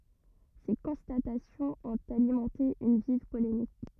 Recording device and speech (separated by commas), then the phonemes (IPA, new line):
rigid in-ear microphone, read sentence
se kɔ̃statasjɔ̃z ɔ̃t alimɑ̃te yn viv polemik